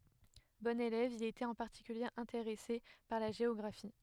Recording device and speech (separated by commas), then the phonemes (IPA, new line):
headset microphone, read sentence
bɔ̃n elɛv il etɛt ɑ̃ paʁtikylje ɛ̃teʁɛse paʁ la ʒeɔɡʁafi